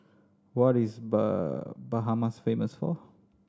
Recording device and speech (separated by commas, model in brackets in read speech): standing microphone (AKG C214), read sentence